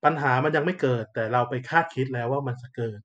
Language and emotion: Thai, neutral